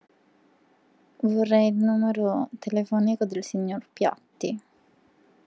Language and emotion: Italian, sad